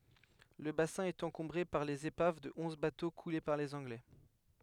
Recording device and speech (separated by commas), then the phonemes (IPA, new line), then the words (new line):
headset microphone, read sentence
lə basɛ̃ ɛt ɑ̃kɔ̃bʁe paʁ lez epav də ɔ̃z bato kule paʁ lez ɑ̃ɡlɛ
Le bassin est encombré par les épaves de onze bateaux coulés par les Anglais.